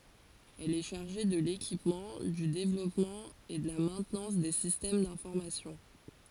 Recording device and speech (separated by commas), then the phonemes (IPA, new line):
forehead accelerometer, read sentence
ɛl ɛ ʃaʁʒe də lekipmɑ̃ dy devlɔpmɑ̃ e də la mɛ̃tnɑ̃s de sistɛm dɛ̃fɔʁmasjɔ̃